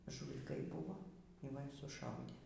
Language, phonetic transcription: Lithuanian, žūliˈkai ˈbuvo y ˈva y suˈšaudė

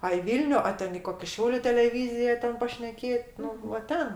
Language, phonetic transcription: Lithuanian, a i ˈvylniu o ˈten i ˈkoki ˈšiauliu teleˈvyzija ˈten pašneˈkėt ˈnu va ˈten

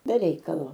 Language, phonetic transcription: Lithuanian, be ˈreikalo

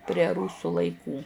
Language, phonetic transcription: Lithuanian, prie ˈrūsų laiˈkų

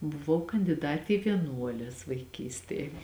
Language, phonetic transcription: Lithuanian, buˈvau kandiˈdati i vieˈnuoles vaiˈkystėj

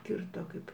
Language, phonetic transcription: Lithuanian, ˈkirto ˈkaip

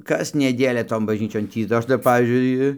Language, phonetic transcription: Lithuanian, kas neˈdėlia ˈton bažˈnyčion ˈtį da ˈaš tai ˈpavyzdžiui

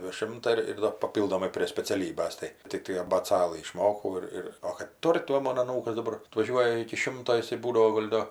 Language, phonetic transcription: Lithuanian, deˈšimta ir ir ˈdar paˈpyldomai prė speciaˈlybas ˈtai tikˈtai abėˈcalɨ išˈmokau ir ˈir o kad ˈtur' tai ˈmon aˈnūkas daˈbar atvaˈžiuoja iki ˈšimto iˈsai ˈbūdavo ˈgol' do

